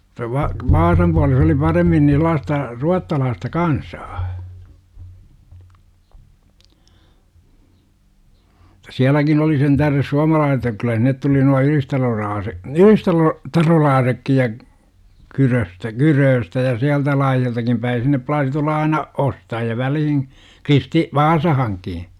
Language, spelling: Finnish, - - Vaasan puolella - oli paremmin niin sellaista ruotsalaista kansaa - sielläkin oli sen tähden - että kyllä sinne tuli nuo - - ylistarolaisetkin ja Kyröstä Kyröstä ja sieltä laajaltakin päin sinne plaasi tulla aina ostajia väliin - Vaasaankin
- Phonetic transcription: -ta va- , "vaasam puales ‿ oli 'paremmin ni 'sᵉl̆laasta , 'ruattalaasta "kansaa , -ta "siäläkin oli sentäh§res 'suamalaa- että 'kyllä sinnet tuli nua "ylistaloraase- , "ylistalo- , '-tarolaasekkij ja , 'Kyröstä "Kyrööstä ja 'siältä laajaltakim päi 'sinne plaasi tulla aina , 'ostaji₍a "välihin , 'Kristi- , "Vaasahaŋki .

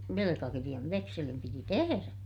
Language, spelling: Finnish, velkakirjan vekselin piti tehdä
- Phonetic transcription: velekakiriʲav - vekselim piti teherä .

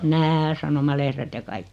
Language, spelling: Finnish, nämä sanomalehdet ja kaikki
- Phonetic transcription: nää 'sanomalehret ja 'kaik(ki) .

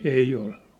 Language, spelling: Finnish, ei ollut
- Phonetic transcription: 'ei ollᴜ .

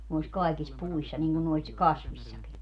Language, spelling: Finnish, noissa kaikissa puissa niin kuin noissa kasveissakin
- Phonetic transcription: nois 'kaikis "puissa niŋGun nois , "kasviśsaki .

